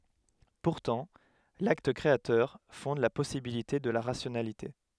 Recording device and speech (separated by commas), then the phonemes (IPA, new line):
headset microphone, read sentence
puʁtɑ̃ lakt kʁeatœʁ fɔ̃d la pɔsibilite də la ʁasjonalite